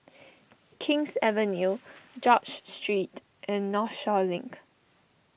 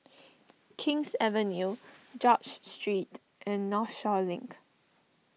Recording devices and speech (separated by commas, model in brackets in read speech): boundary microphone (BM630), mobile phone (iPhone 6), read sentence